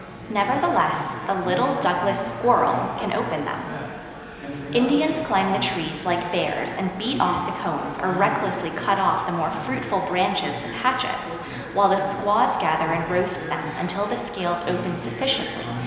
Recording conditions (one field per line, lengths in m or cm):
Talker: one person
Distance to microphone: 1.7 m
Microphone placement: close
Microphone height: 1.0 m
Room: very reverberant, large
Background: babble